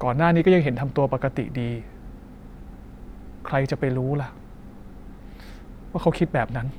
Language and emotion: Thai, frustrated